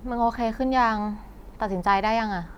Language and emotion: Thai, frustrated